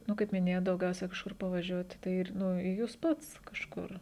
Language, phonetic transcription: Lithuanian, ˈnu kaip miˈnėjot dauˈgiausia kažˈkur pavaˈžiuoti tai ˈir nu i ˈjūs ˈpats kažˈkur

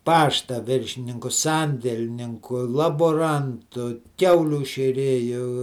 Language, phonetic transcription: Lithuanian, ˈpašta ˈviršininku ˈsandelninku laboˈrantu ˈkiaulių šėˈrėju

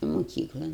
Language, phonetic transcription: Lithuanian, muˈkyklan

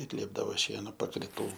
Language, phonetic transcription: Lithuanian, ir ˈliepdavo ˈšieno pakriˈtų

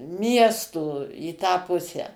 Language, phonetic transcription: Lithuanian, ˈmiesto į tą ˈpusę

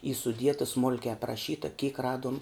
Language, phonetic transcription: Lithuanian, y suˈdieta ˈsmulkiai apraˈšyta kyk ˈraduom

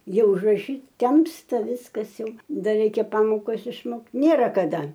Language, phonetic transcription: Lithuanian, ˈjau užraˈšyt ˈtemsta ˈviskas ˈjau ˈdar ˈreikia ˈpamokas išˈmokt ˈnėra kaˈda

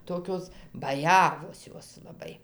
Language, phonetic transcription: Lithuanian, ˈtokios baˈjavos ˈjos laˈbai

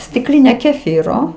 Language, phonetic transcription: Lithuanian, stikˈline keˈfyro

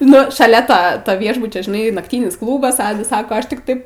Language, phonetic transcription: Lithuanian, ˈnu šaˈlia ˈto to ˈviešbučio žiˈnai nakˈtynis ˈklūbas ˈadas ˈsako ˈaš tik ˈtaip

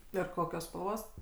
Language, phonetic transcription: Lithuanian, ir ˈkokios spalˈvos

